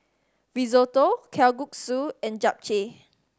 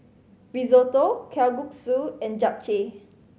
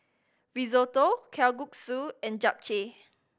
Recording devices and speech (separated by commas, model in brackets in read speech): standing microphone (AKG C214), mobile phone (Samsung C5010), boundary microphone (BM630), read sentence